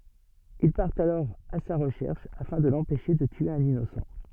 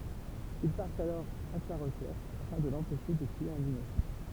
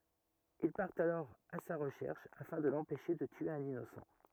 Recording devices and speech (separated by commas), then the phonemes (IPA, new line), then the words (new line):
soft in-ear microphone, temple vibration pickup, rigid in-ear microphone, read sentence
il paʁtt alɔʁ a sa ʁəʃɛʁʃ afɛ̃ də lɑ̃pɛʃe də tye œ̃n inosɑ̃
Ils partent alors à sa recherche afin de l'empêcher de tuer un innocent.